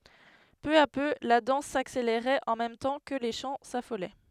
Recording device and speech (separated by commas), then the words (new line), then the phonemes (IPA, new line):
headset microphone, read sentence
Peu à peu, la danse s'accélérait en même temps que les chants s'affolaient.
pø a pø la dɑ̃s sakseleʁɛt ɑ̃ mɛm tɑ̃ kə le ʃɑ̃ safolɛ